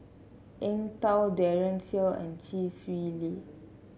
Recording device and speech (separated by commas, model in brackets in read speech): mobile phone (Samsung C7), read sentence